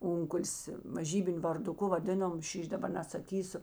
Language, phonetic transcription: Lithuanian, ˈunkuls maˈžybiniu varduˈku vaˈdėnom ˈšyš' daˈbar nesaˈkysu

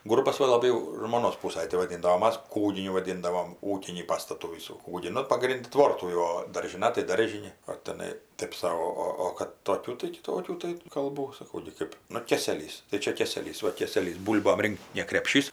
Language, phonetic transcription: Lithuanian, ˈgurbas ˈva laˈbai jau žmoˈnos ˈpūsaj tai vaˈdynda o ˈmas ˈkūginiu vaˈdyndavom ˈūkinį ˈpastatų ˈvysų ˈkūgį ˈnu paˈgrindi ˈtvortų jau o daržiˈna tai ˈdaržini o teˈnai ˈtėp sau ˈo ˈo o kad toˈkių tai kiˈtokių tai kalˈbų saˈkau gi ˈkɜp ˈnu ˈkėselys tai ˈčia ˈkėselys ˈva ˈkėselys ˈbūl'bom ˈrinkt ne krepˈšys

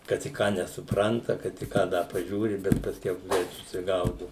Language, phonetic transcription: Lithuanian, kad i ˈką nesuˈpranta kad i ˈką ˈda paˈžiūri bet pasˈkiau ˈgreit susiˈgaudu

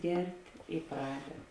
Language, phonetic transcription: Lithuanian, ˈgert' i ˈpraded

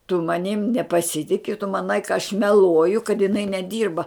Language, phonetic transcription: Lithuanian, tu maˈnim nepaˈsitiki tu maˈnai ka aš meˈluoju kad jiˈnai neˈdyrba

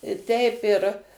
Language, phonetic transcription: Lithuanian, i ˈteip ir

